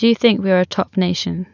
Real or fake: real